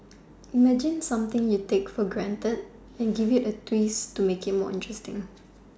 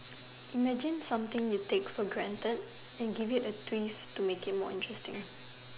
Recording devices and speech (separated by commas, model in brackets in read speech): standing microphone, telephone, conversation in separate rooms